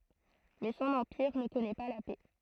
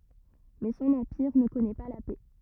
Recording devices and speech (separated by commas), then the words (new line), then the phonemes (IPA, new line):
throat microphone, rigid in-ear microphone, read sentence
Mais son empire ne connaît pas la paix.
mɛ sɔ̃n ɑ̃piʁ nə kɔnɛ pa la pɛ